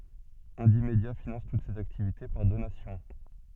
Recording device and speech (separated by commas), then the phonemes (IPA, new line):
soft in-ear microphone, read sentence
ɛ̃dimdja finɑ̃s tut sez aktivite paʁ donasjɔ̃